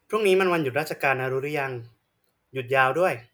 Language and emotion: Thai, neutral